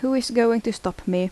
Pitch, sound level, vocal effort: 230 Hz, 79 dB SPL, normal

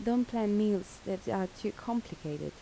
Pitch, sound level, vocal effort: 205 Hz, 78 dB SPL, soft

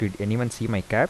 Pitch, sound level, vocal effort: 110 Hz, 81 dB SPL, soft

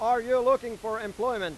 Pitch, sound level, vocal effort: 235 Hz, 105 dB SPL, very loud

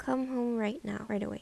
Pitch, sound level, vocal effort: 230 Hz, 76 dB SPL, soft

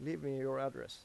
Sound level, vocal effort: 89 dB SPL, normal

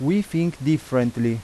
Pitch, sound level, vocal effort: 150 Hz, 88 dB SPL, loud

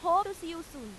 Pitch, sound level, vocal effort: 335 Hz, 98 dB SPL, very loud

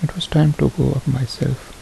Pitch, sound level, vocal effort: 150 Hz, 70 dB SPL, soft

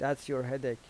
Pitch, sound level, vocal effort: 135 Hz, 84 dB SPL, normal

